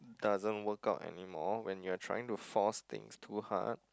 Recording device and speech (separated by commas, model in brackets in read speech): close-talking microphone, conversation in the same room